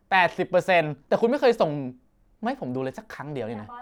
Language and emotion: Thai, angry